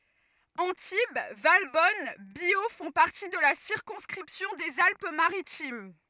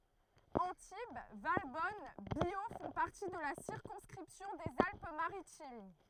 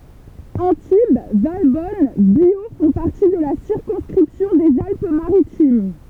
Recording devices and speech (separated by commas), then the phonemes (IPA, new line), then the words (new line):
rigid in-ear microphone, throat microphone, temple vibration pickup, read sentence
ɑ̃tib valbɔn bjo fɔ̃ paʁti də la siʁkɔ̃skʁipsjɔ̃ dez alp maʁitim
Antibes, Valbonne, Biot font partie de la circonscription des Alpes Maritimes.